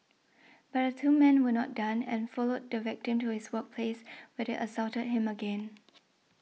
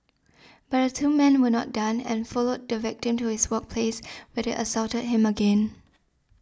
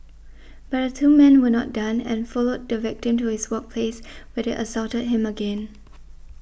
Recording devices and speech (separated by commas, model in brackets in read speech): mobile phone (iPhone 6), standing microphone (AKG C214), boundary microphone (BM630), read sentence